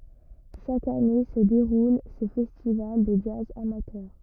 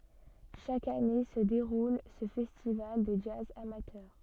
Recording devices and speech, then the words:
rigid in-ear microphone, soft in-ear microphone, read sentence
Chaque année se déroule ce festival de jazz amateur.

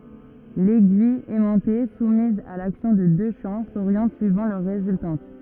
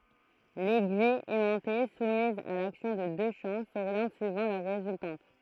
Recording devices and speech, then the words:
rigid in-ear microphone, throat microphone, read sentence
L’aiguille aimantée, soumise à l’action de deux champs, s’oriente suivant leur résultante.

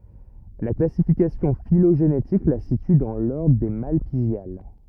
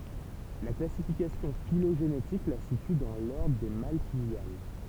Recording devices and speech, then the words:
rigid in-ear microphone, temple vibration pickup, read sentence
La classification phylogénétique la situe dans l'ordre des Malpighiales.

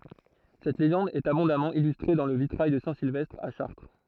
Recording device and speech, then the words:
throat microphone, read sentence
Cette légende est abondamment illustrée dans le vitrail de saint Sylvestre à Chartres.

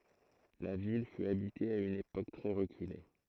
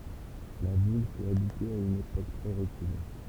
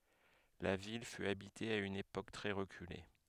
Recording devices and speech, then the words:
throat microphone, temple vibration pickup, headset microphone, read sentence
La ville fut habitée à une époque très reculée.

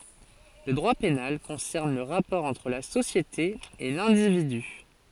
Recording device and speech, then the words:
forehead accelerometer, read sentence
Le droit pénal concerne le rapport entre la société et l'individu.

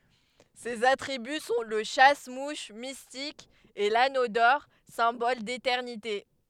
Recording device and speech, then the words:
headset microphone, read sentence
Ses attributs sont le chasse-mouches mystique et l'anneau d'or, symbole d'éternité.

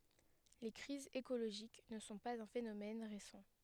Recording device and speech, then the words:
headset microphone, read sentence
Les crises écologiques ne sont pas un phénomène récent.

